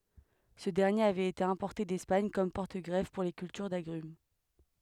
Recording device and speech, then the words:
headset microphone, read sentence
Ce dernier avait été importé d'Espagne comme porte-greffe pour les cultures d'agrumes.

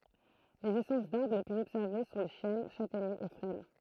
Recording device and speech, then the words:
throat microphone, read sentence
Les essences d’arbres les plus observées sont les chênes, châtaigniers et frênes.

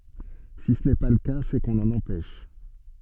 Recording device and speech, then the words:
soft in-ear microphone, read sentence
Si ce n’est pas le cas, c’est qu’on l’en empêche.

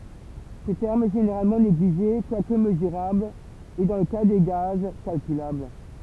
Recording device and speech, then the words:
temple vibration pickup, read sentence
Ce terme est généralement négligé quoique mesurable et, dans le cas des gaz, calculable.

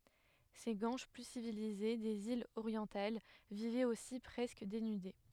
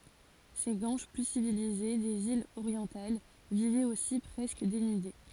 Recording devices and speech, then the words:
headset microphone, forehead accelerometer, read sentence
Ces Guanches plus civilisés des îles orientales vivaient aussi presque dénudés.

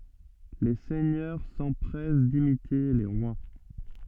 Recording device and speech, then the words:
soft in-ear microphone, read sentence
Les seigneurs s'empressent d'imiter les rois.

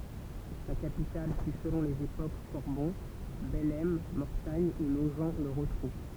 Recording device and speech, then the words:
temple vibration pickup, read sentence
Sa capitale fut selon les époques Corbon, Bellême, Mortagne ou Nogent-le-Rotrou.

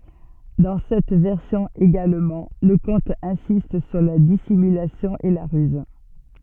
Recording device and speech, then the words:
soft in-ear microphone, read sentence
Dans cette version également, le conte insiste sur la dissimulation et la ruse.

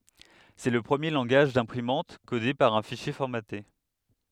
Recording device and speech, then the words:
headset microphone, read sentence
C'est le premier langage d'imprimante codé par un fichier formaté.

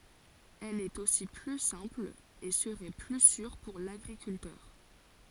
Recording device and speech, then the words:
forehead accelerometer, read sentence
Elle est aussi plus simple et serait plus sûre pour l'agriculteur.

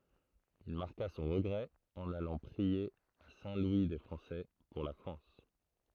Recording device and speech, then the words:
throat microphone, read sentence
Il marqua son regret en allant prier à Saint-Louis-des-Français, pour la France.

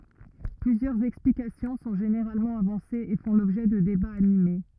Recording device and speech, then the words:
rigid in-ear microphone, read sentence
Plusieurs explications sont généralement avancées et font l'objet de débats animés.

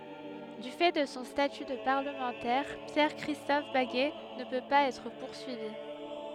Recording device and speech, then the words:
headset microphone, read sentence
Du fait de son statut de parlementaire, Pierre-Christophe Baguet ne peut pas être poursuivi.

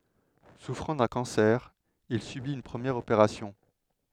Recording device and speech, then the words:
headset microphone, read sentence
Souffrant d’un cancer, il subit une première opération.

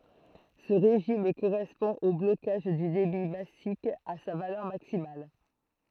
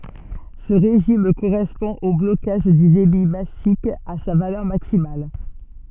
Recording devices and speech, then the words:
throat microphone, soft in-ear microphone, read sentence
Ce régime correspond au blocage du débit massique à sa valeur maximale.

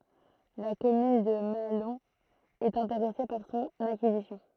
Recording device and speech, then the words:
throat microphone, read sentence
La commune de Mahalon est intéressée par son acquisition.

